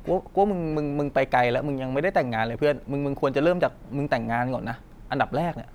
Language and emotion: Thai, frustrated